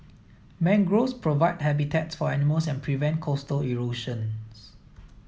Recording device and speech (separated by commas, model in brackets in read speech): mobile phone (iPhone 7), read sentence